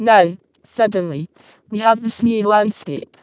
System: VC, vocoder